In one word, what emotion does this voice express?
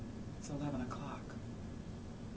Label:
neutral